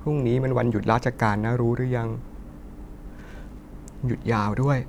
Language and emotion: Thai, sad